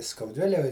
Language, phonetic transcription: Lithuanian, skauˈdvilej

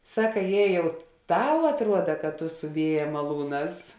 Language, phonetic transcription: Lithuanian, ˈsaka ˈjė ˈjau ˈtau atˈruoda kad tu su ˈvieja maˈlūˌnās

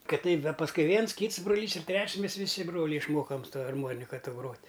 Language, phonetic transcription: Lithuanian, ˈkad ˈteip ˈda pasˈkui ˈviens ˈkyts broˈlys ir ˈtreč's' ˈmes viˈsi ˈbroliai išˈmokam su ˈta arˈmonika ˈto ˈgrot'

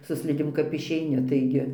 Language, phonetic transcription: Lithuanian, su ˈslidėm kap išeiˈni taiˈgi

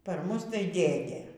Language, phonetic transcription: Lithuanian, par ˈmus tai ˈdėdė

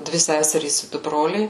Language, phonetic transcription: Lithuanian, ˈdvi ˈseserys i ˈdu ˈbroliai

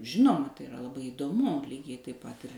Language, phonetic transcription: Lithuanian, ˈžinoma tai iˈra laˈbai įdoˈmu ˈlygiai taip ˈpat ir

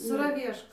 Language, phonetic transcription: Lithuanian, saraˈvieško

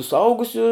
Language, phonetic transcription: Lithuanian, suˈaugusiu

